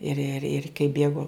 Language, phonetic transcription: Lithuanian, ir ir ir' kai ˈbėgo

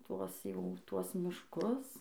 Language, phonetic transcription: Lithuanian, ˈtuos ˈjau ˈtuos mišˈkus

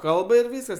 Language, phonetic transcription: Lithuanian, ˈkalba ir ˈvyskas

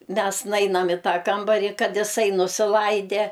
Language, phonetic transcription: Lithuanian, ˈmes ˈnainam i ˈtą ˈkambarį ˈkad iˈsai nusiˈlaide

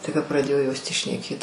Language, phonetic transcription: Lithuanian, tai ka praˈdėjo jos tį šneˈkėt

